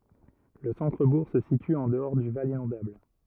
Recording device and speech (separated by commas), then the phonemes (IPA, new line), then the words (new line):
rigid in-ear microphone, read sentence
lə sɑ̃tʁəbuʁ sə sity ɑ̃ dəɔʁ dy val inɔ̃dabl
Le centre-bourg se situe en dehors du val inondable.